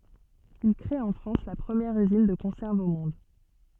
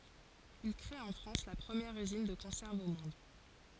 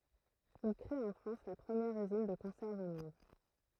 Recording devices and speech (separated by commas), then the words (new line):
soft in-ear microphone, forehead accelerometer, throat microphone, read sentence
Il crée en France la première usine de conserves au monde.